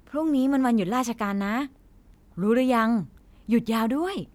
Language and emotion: Thai, happy